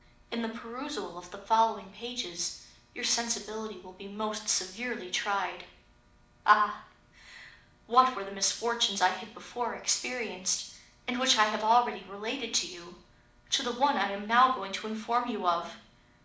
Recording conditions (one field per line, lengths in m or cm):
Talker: one person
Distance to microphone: 2.0 m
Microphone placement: close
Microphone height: 99 cm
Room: medium-sized (5.7 m by 4.0 m)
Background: none